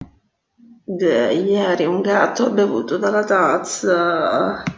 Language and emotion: Italian, disgusted